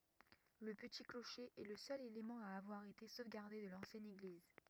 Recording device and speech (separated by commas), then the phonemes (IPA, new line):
rigid in-ear microphone, read sentence
lə pəti kloʃe ɛ lə sœl elemɑ̃ a avwaʁ ete sovɡaʁde də lɑ̃sjɛn eɡliz